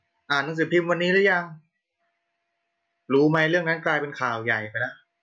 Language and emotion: Thai, frustrated